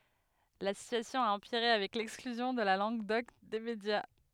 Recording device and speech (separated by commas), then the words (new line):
headset microphone, read sentence
La situation a empiré avec l'exclusion de la langue d'oc des médias.